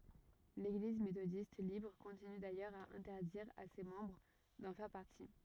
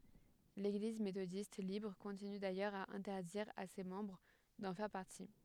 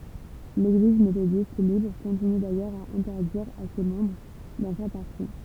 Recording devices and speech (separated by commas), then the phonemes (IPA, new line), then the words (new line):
rigid in-ear microphone, headset microphone, temple vibration pickup, read sentence
leɡliz metodist libʁ kɔ̃tiny dajœʁz a ɛ̃tɛʁdiʁ a se mɑ̃bʁ dɑ̃ fɛʁ paʁti
L'Église méthodiste libre continue d'ailleurs à interdire à ses membres d'en faire partie.